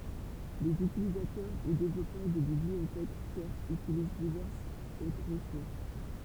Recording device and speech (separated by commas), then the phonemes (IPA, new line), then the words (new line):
temple vibration pickup, read sentence
lez ytilizatœʁ u devlɔpœʁ də bibliotɛk tjɛʁsz ytiliz divɛʁsz otʁ ʁəsuʁs
Les utilisateurs ou développeurs de bibliothèques tierces utilisent diverses autres ressources.